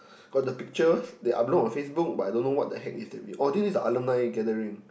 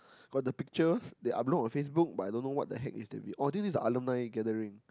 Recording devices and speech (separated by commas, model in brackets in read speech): boundary microphone, close-talking microphone, conversation in the same room